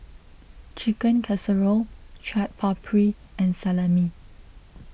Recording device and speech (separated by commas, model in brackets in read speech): boundary microphone (BM630), read sentence